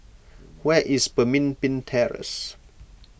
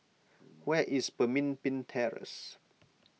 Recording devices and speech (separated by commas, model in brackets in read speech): boundary microphone (BM630), mobile phone (iPhone 6), read sentence